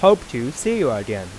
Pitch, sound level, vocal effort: 125 Hz, 93 dB SPL, normal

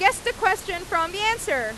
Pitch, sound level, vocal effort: 385 Hz, 100 dB SPL, very loud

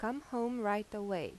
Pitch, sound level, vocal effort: 215 Hz, 86 dB SPL, normal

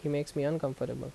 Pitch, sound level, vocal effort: 145 Hz, 79 dB SPL, normal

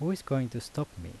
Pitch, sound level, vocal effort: 135 Hz, 81 dB SPL, normal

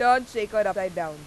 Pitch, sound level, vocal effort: 210 Hz, 97 dB SPL, very loud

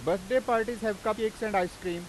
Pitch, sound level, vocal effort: 215 Hz, 96 dB SPL, very loud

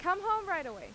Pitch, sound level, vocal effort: 360 Hz, 96 dB SPL, very loud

